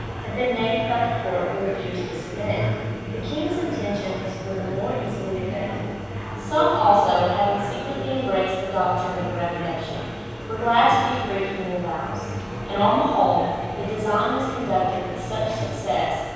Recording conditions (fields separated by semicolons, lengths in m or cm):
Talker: one person; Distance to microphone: 7.1 m; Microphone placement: far; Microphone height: 1.7 m; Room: very reverberant, large; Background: babble